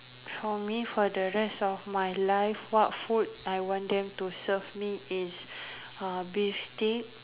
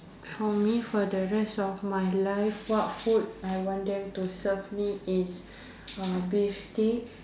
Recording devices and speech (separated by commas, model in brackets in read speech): telephone, standing microphone, conversation in separate rooms